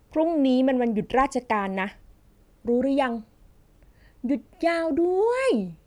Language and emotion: Thai, happy